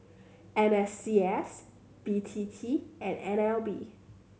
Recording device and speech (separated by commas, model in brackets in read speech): mobile phone (Samsung C7100), read sentence